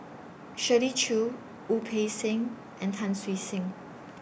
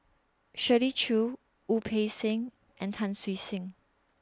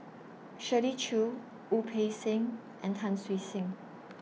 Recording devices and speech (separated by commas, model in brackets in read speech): boundary microphone (BM630), standing microphone (AKG C214), mobile phone (iPhone 6), read sentence